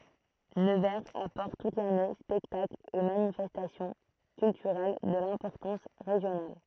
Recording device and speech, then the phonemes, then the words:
throat microphone, read sentence
nəvɛʁz apɔʁt tut lane spɛktaklz e manifɛstasjɔ̃ kyltyʁɛl də lɛ̃pɔʁtɑ̃s ʁeʒjonal
Nevers apporte toute l'année spectacles et manifestations culturelles de l'importance régionale.

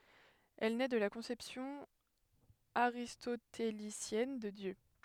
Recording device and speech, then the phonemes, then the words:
headset microphone, read sentence
ɛl nɛ də la kɔ̃sɛpsjɔ̃ aʁistotelisjɛn də djø
Elle naît de la conception aristotélicienne de Dieu.

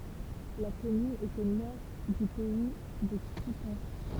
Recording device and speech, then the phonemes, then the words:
temple vibration pickup, read sentence
la kɔmyn ɛt o nɔʁ dy pɛi də kutɑ̃s
La commune est au nord du Pays de Coutances.

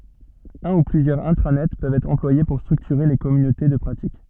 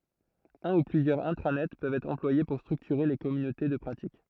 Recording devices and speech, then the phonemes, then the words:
soft in-ear microphone, throat microphone, read sentence
œ̃ u plyzjœʁz ɛ̃tʁanɛt pøvt ɛtʁ ɑ̃plwaje puʁ stʁyktyʁe le kɔmynote də pʁatik
Un ou plusieurs intranets peuvent être employés pour structurer les communautés de pratique.

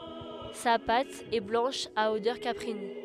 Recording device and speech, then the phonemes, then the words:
headset microphone, read sentence
sa pat ɛ blɑ̃ʃ a odœʁ kapʁin
Sa pâte est blanche à odeur caprine.

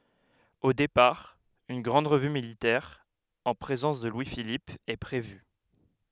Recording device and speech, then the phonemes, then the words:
headset microphone, read sentence
o depaʁ yn ɡʁɑ̃d ʁəvy militɛʁ ɑ̃ pʁezɑ̃s də lwi filip ɛ pʁevy
Au départ, une grande revue militaire en présence de Louis-Philippe est prévue.

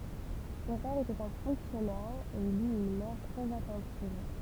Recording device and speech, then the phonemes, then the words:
temple vibration pickup, read sentence
sɔ̃ pɛʁ etɛt œ̃ fɔ̃ksjɔnɛʁ e il yt yn mɛʁ tʁɛz atɑ̃tiv
Son père était un fonctionnaire et il eut une mère très attentive.

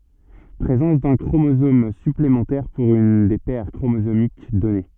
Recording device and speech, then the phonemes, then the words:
soft in-ear microphone, read sentence
pʁezɑ̃s dœ̃ kʁomozom syplemɑ̃tɛʁ puʁ yn de pɛʁ kʁomozomik dɔne
Présence d'un chromosomes- supplémentaires pour une des paires chromosomiques donnée.

